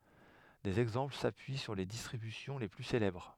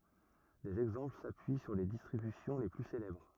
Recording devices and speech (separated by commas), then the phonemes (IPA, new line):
headset microphone, rigid in-ear microphone, read sentence
dez ɛɡzɑ̃pl sapyi syʁ le distʁibysjɔ̃ le ply selɛbʁ